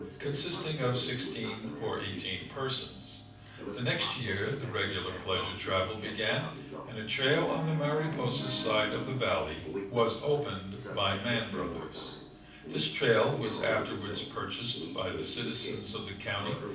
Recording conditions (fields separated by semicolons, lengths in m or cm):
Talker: one person; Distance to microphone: 5.8 m; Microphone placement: far; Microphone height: 1.8 m; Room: medium-sized (5.7 m by 4.0 m); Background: television